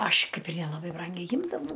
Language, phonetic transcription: Lithuanian, ˈaš ˈkaip ir nelaˈbai ˈbrangiai ˈjimdavau

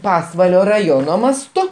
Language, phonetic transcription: Lithuanian, ˈpasvalio raˈjono masˈtu

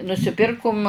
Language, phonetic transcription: Lithuanian, nusiˈpirkum

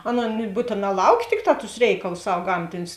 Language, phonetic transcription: Lithuanian, ˈaˌnon ˈbūtėˌnā ˈlauˌkė ˈtikˌtā tus ˈreikalus ˈsav ˈgamtinius

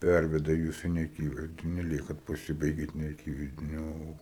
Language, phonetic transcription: Lithuanian, ˈperveda ˈjus i neaˈkyvaizdini ˈliekat paˈsibaigiat neaˈkyvaizdini ˈo

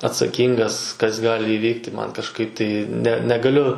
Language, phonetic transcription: Lithuanian, atsaˈkyngas kas ˈgali iˈvykti ˈman kažˈkaip tai ne negaˈliu

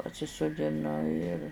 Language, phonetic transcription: Lithuanian, pasisudiˈnu ir

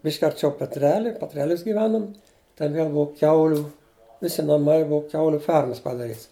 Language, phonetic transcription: Lithuanian, ˈbišk' arˈčiau petˈreli petˈrelius giˈvenum ten ˈviel ˈbua ˈkiauliu ˈvisi naˈmai ˈbua ˈkiauliu ˈfermas padaˈryts

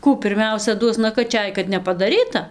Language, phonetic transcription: Lithuanian, ˈkų pirˈmiausia ˈduos nakaˈčiaj kad nepadaˈryta

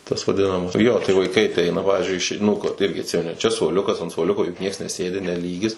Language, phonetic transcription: Lithuanian, tas vaˈdinamas ˈjo tai vaiˈkai aˈteina ˈpavizdžiui ˈišei ˈnū ko ˈirgi atˈsimeni ˈčia suoˈliukas ant suoˈliuko juk ˈnieks neˈsėdi ne ˈlygis

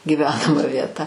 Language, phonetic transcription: Lithuanian, gyˈvenama vieˈta

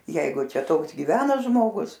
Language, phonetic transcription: Lithuanian, ˈjeigu ˈčia ˈtoks gyˈvena žmoˈgus

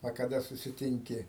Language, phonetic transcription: Lithuanian, a kaˈda susiˈtinki

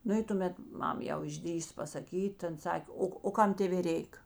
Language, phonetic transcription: Lithuanian, ˈnu i tuˈmet ˈmam jau išˈdrįso pasaˈkyt ta ˈan ˈsak' ˈo o ˈkam ˈtėvė ˈreik

